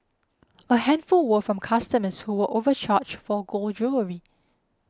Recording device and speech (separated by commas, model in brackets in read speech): close-talking microphone (WH20), read sentence